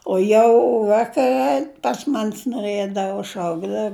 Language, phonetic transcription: Lithuanian, o ˈjau ˈvakare pas man's noˈrɘdavo ˈšaukdav

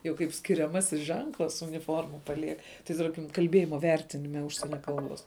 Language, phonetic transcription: Lithuanian, jau kaip skiriaˈmasis ˈženklas uniˈforma paˈliek tai ˈtarkim kalˈbėjima ˈvertinime ˈužsienia ˈkalˌbos

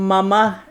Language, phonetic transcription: Lithuanian, maˈma

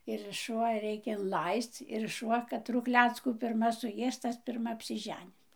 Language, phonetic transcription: Lithuanian, ir šuˈva ˈreikia inˈlaisc ir šuˈva kaˈtru ˈkleckų pirˈma suˈjės ˈtas pirˈma apsiˈženis

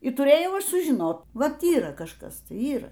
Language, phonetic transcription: Lithuanian, i tuˈrėjau ˈaš sužiˈnot ˈvat ˈyra kažˈkas ˈtai ˈyra

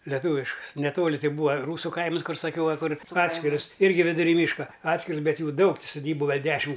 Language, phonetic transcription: Lithuanian, leˈtūviškus neˈtoli ˈtai ˈbūa ˈrūsu ˈkaimas ˈkur saˈkiau ˈva ˈkur ˈatskirus ˈirgi viduˈry ˈmyška ˈatskirus ˈbet ˈjų ˈdaug ti suˈdybu ˈgal ˈdešim

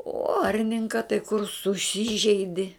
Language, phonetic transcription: Lithuanian, o ˈarninka tai kur suˈsyžeidi

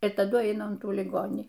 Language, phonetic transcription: Lithuanian, ir taˈdu ˈaina un ˈtų liˈgonį

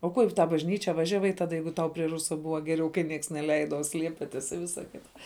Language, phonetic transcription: Lithuanian, o ˈkuo i tą bažˈnyčia ˈvažiaˌvai ˈtada ˈjeigu ˈtau prie ˈrusa ˈbuva ˈgeˌriau kai ˈnieks neˈleida o ˈsliepitis i ˈvisa ˈkita

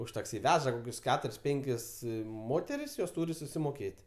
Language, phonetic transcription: Lithuanian, už takˈsi ˈveža koˈkius ˈketuris ˈpenkis ˈmoteris jos ˈtūri susimoˈkėt'

